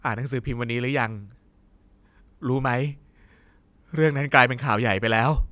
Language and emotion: Thai, frustrated